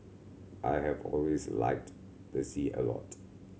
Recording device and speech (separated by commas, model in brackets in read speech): mobile phone (Samsung C7100), read sentence